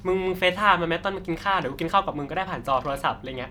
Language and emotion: Thai, happy